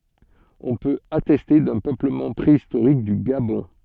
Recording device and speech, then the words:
soft in-ear microphone, read sentence
On peut attester d'un peuplement préhistorique du Gabon.

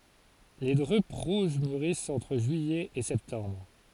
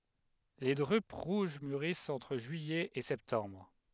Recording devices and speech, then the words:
forehead accelerometer, headset microphone, read sentence
Les drupes rouges mûrissent entre juillet et septembre.

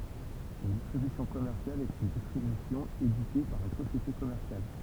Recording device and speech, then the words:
temple vibration pickup, read sentence
Une distribution commerciale est une distribution éditée par une société commerciale.

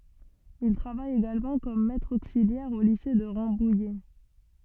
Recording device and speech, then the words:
soft in-ear microphone, read sentence
Il travaille également comme maître auxiliaire au lycée de Rambouillet.

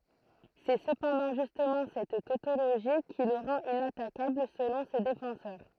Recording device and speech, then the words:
throat microphone, read sentence
C'est cependant justement cette tautologie qui le rend inattaquable selon ses défenseurs.

